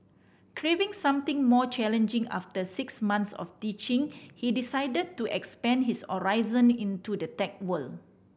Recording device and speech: boundary microphone (BM630), read sentence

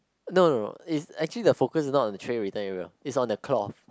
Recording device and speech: close-talking microphone, conversation in the same room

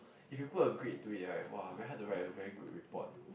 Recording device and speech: boundary microphone, conversation in the same room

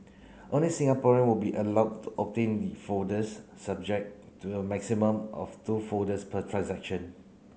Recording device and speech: mobile phone (Samsung C9), read sentence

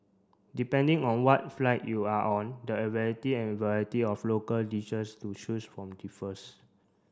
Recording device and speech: standing microphone (AKG C214), read sentence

